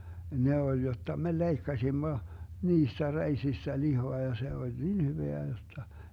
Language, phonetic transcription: Finnish, 'ne oĺ 'jotta me "leikkasimmo , 'niistä 'reisistä 'lihoa ja 'se oĺ niin 'hyveä jotta .
- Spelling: ne oli jotta me leikkasimme niistä reisistä lihaa ja se oli niin hyvää jotta

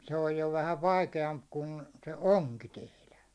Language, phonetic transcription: Finnish, 'se 'oj jo vähäv̆ "vaikeamp 'kun , se "oŋki 'tehlä .
- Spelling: se on jo vähän vaikeampi kuin se onki tehdä

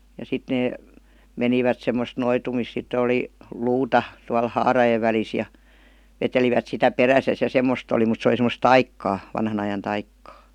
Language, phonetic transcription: Finnish, ja 'sit nee , 'menivät 'semmost 'noitumis sittə oli , "luuta , tual "haarajev välis ja , 'vetelivät sitä "peräsäs ja 'semmost ‿oli mut se oli sem̆m°s "taikkaa , vanhan ‿ajan 'taikkaa .
- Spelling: ja sitten ne menivät semmoista noitumista sitten oli luuta tuolla haarojen välissä ja vetelivät sitä perässään ja semmoista oli mutta se oli semmoista taikaa vanhan ajan taikaa

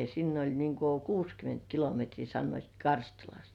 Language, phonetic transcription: Finnish, sinn ‿oĺ niŋ ku "kuuskyment kilometrii sannoit "Karstulast .
- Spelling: sinne oli niin kuin kuusikymmentä kilometriä sanoivat Karstulasta

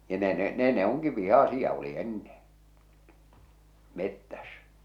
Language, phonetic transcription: Finnish, ja 'ne ne , 'nè ne oŋki 'vihàsia u̬li 'enneḛ , 'mettäs .
- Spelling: ja ne ne ne ne onkin vihaisia oli ennen metsässä

